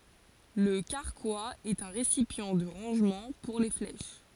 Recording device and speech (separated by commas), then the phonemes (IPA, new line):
forehead accelerometer, read sentence
lə kaʁkwaz ɛt œ̃ ʁesipjɑ̃ də ʁɑ̃ʒmɑ̃ puʁ le flɛʃ